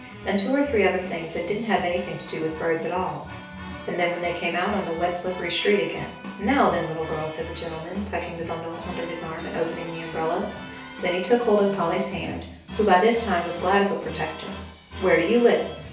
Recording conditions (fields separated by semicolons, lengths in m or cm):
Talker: one person; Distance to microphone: 3.0 m; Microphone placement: far; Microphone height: 1.8 m; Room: small (3.7 m by 2.7 m); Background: music